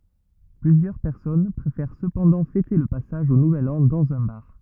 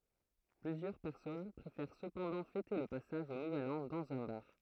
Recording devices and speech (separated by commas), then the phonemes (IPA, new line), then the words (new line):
rigid in-ear microphone, throat microphone, read sentence
plyzjœʁ pɛʁsɔn pʁefɛʁ səpɑ̃dɑ̃ fɛte lə pasaʒ o nuvɛl ɑ̃ dɑ̃z œ̃ baʁ
Plusieurs personnes préfèrent cependant fêter le passage au nouvel an dans un bar.